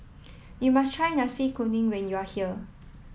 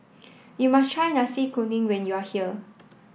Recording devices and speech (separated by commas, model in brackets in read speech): mobile phone (iPhone 7), boundary microphone (BM630), read sentence